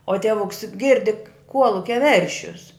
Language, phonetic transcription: Lithuanian, o ˈtievuks ˈgirdi ˈkuolukia ˈveršius

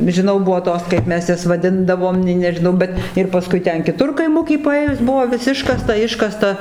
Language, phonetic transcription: Lithuanian, žiˈnau ˈbuvo ˈtos kaip ˈmes ˈjas vaˈdindavom nei nežiˈnau ˈbet ir paˈskui ˈten kiˈtur kaiˈmuky paˈėjus ˈbuvo vis ˈiškasta ˈiškasta

